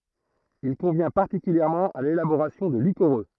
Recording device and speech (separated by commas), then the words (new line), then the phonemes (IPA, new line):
throat microphone, read sentence
Il convient particulièrement à l'élaboration de liquoreux.
il kɔ̃vjɛ̃ paʁtikyljɛʁmɑ̃ a lelaboʁasjɔ̃ də likoʁø